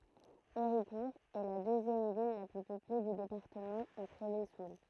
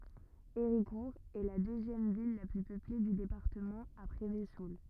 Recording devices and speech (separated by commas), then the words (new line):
throat microphone, rigid in-ear microphone, read sentence
Héricourt est la deuxième ville la plus peuplée du département après Vesoul.